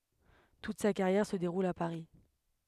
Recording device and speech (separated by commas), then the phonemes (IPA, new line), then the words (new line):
headset microphone, read sentence
tut sa kaʁjɛʁ sə deʁul a paʁi
Toute sa carrière se déroule à Paris.